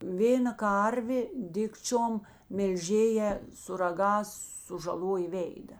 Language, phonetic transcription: Lithuanian, ˈvėna ˈkarvė ˈdikčiom melˈžėjā su raˈgās sužaˈlojė ˈvėida

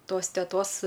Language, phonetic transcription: Lithuanian, ˈtos teˈtos

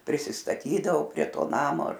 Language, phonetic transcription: Lithuanian, prisistaˈtydavo prie ˈto ˈnamo ar

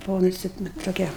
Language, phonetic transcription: Lithuanian, buˈvau nuˈsi ˈnu toˈkia

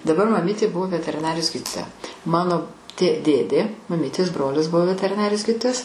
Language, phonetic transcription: Lithuanian, daˈbar maˈmytė ˈbuvo veteriˈnarijos ˈgydytoja ˈmano tė ˈdėdė maˈmytės ˈbrolis ˈbuvo veteriˈnarijos ˈgyditojas

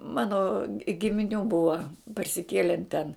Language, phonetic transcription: Lithuanian, ˈmano gimiˈnių ˈbua parsiˈkielen ten

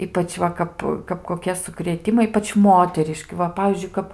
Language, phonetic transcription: Lithuanian, ˈypač ˈva kap kap koˈkie sukrėˈtimai ˈypač ˈmoteriški ˈva ˈpavyzdžiui ˈkap

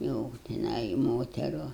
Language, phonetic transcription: Lithuanian, jau tiˈnai i ˈmoteru

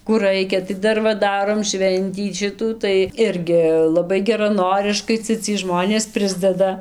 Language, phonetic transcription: Lithuanian, kų ˈraikia tai ˈdar va ˈdarom ˈšventį ˈšitų tai ˈirgi laˈbai geraˈnoriškai ˈcia ciej ˈžmonės ˈprisdeda

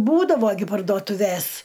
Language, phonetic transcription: Lithuanian, ˈbūdavo gi parduotuˈvės

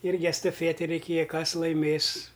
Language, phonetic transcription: Lithuanian, ˈirgi estaˈfieti reiˈkėja ˈkas laiˈmės

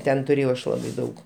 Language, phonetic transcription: Lithuanian, ˈten tuˈrėjau ˈaš ˈlabai ˈdaug

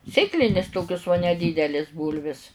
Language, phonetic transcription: Lithuanian, ˈsėklinis ˈtokius nedydelės ˈbūlvis

